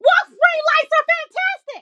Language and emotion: English, surprised